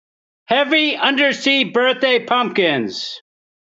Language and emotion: English, neutral